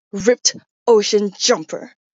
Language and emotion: English, angry